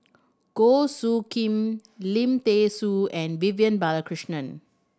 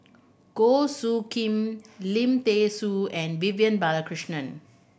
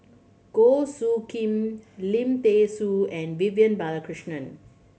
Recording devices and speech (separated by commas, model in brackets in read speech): standing microphone (AKG C214), boundary microphone (BM630), mobile phone (Samsung C7100), read sentence